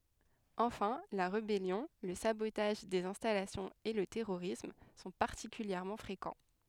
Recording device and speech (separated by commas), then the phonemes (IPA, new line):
headset microphone, read sentence
ɑ̃fɛ̃ la ʁebɛljɔ̃ lə sabotaʒ dez ɛ̃stalasjɔ̃z e lə tɛʁoʁism sɔ̃ paʁtikyljɛʁmɑ̃ fʁekɑ̃